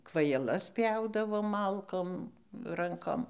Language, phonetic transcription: Lithuanian, kvajaˈlas ˈpjaudavom ˈmalkom ˈrankom

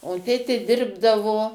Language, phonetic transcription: Lithuanian, o ˈtėtė ˈdirbdavo

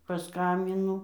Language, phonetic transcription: Lithuanian, paˈskambinu

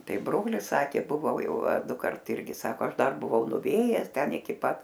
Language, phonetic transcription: Lithuanian, ˈtai ˈbrolis ˈsakė buˈvau ˈjau a ˈdukart ˈirgi ˈsako ˈaš ˈdar buˈvau nuˈvėjes ˈten iˈki ˈpat

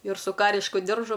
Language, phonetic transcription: Lithuanian, ir su ˈkarišku ˈdiržu

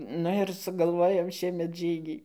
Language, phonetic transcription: Lithuanian, ˈnu ir sugalˈvojau ˈšiemet ˈžygį

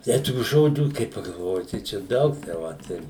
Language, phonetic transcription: Lithuanian, ˈtei tų ˈžodžių kai pagalˈvoji tai ˈčia ˈdaug tai ˈvat ir

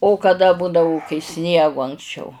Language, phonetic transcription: Lithuanian, o kaˈda ˈbudavo kai ˈsniegu anksˈčiau

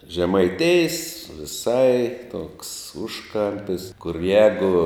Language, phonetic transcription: Lithuanian, žemaiˈtijs viˈsai toks ˈužˌkampis kur ˈjegu

